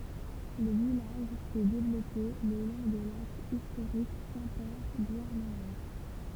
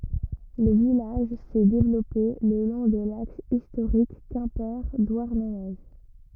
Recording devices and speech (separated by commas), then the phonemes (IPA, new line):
temple vibration pickup, rigid in-ear microphone, read sentence
lə vilaʒ sɛ devlɔpe lə lɔ̃ də laks istoʁik kɛ̃pe dwaʁnəne